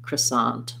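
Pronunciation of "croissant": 'Croissant' is said the neutral American way, with the stress on the second syllable and an ah vowel in 'sant'.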